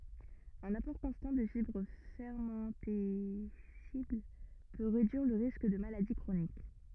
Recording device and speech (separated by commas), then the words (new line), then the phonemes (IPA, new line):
rigid in-ear microphone, read sentence
Un apport constant de fibres fermentescibles peut réduire le risque de maladies chroniques.
œ̃n apɔʁ kɔ̃stɑ̃ də fibʁ fɛʁmɑ̃tɛsibl pø ʁedyiʁ lə ʁisk də maladi kʁonik